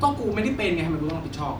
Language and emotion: Thai, frustrated